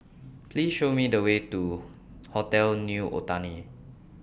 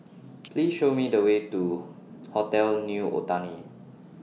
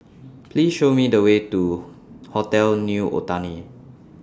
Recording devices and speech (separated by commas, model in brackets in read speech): boundary microphone (BM630), mobile phone (iPhone 6), standing microphone (AKG C214), read sentence